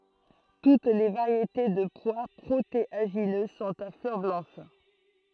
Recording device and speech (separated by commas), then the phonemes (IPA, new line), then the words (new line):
throat microphone, read sentence
tut le vaʁjete də pwa pʁoteaʒinø sɔ̃t a flœʁ blɑ̃ʃ
Toutes les variétés de pois protéagineux sont à fleurs blanches.